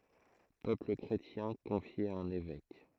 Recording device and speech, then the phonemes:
throat microphone, read sentence
pøpl kʁetjɛ̃ kɔ̃fje a œ̃n evɛk

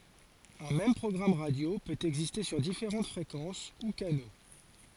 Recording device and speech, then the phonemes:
forehead accelerometer, read sentence
œ̃ mɛm pʁɔɡʁam ʁadjo pøt ɛɡziste syʁ difeʁɑ̃t fʁekɑ̃s u kano

